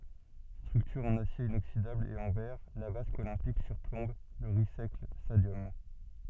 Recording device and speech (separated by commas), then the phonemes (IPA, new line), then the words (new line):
soft in-ear microphone, read sentence
stʁyktyʁ ɑ̃n asje inoksidabl e ɑ̃ vɛʁ la vask olɛ̃pik syʁplɔ̃b lə ʁis ɛklɛs stadjɔm
Structure en acier inoxydable et en verre, la vasque olympique surplombe le Rice-Eccles Stadium.